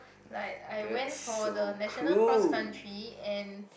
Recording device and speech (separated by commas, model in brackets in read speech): boundary microphone, conversation in the same room